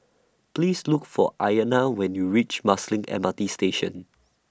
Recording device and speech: standing microphone (AKG C214), read sentence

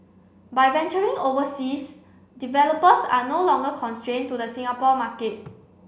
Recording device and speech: boundary microphone (BM630), read sentence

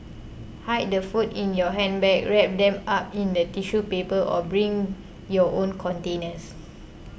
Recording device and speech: boundary microphone (BM630), read sentence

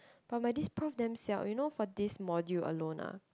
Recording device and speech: close-talking microphone, conversation in the same room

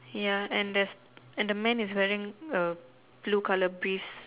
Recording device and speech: telephone, conversation in separate rooms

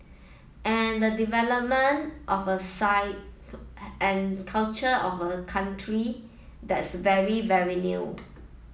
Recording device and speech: mobile phone (iPhone 7), read sentence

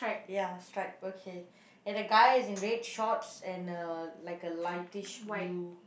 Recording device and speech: boundary microphone, conversation in the same room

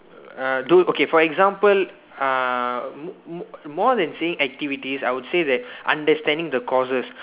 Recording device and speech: telephone, conversation in separate rooms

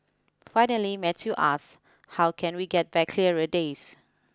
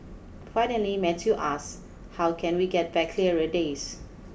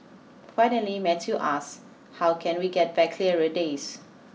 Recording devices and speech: close-talking microphone (WH20), boundary microphone (BM630), mobile phone (iPhone 6), read sentence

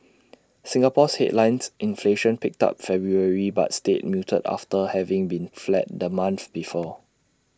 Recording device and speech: standing microphone (AKG C214), read sentence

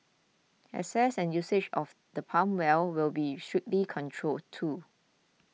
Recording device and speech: mobile phone (iPhone 6), read sentence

